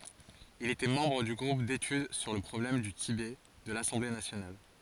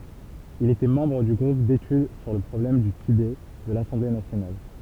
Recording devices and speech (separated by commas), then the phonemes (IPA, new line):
forehead accelerometer, temple vibration pickup, read sentence
il etɛ mɑ̃bʁ dy ɡʁup detyd syʁ lə pʁɔblɛm dy tibɛ də lasɑ̃ble nasjonal